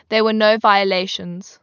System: none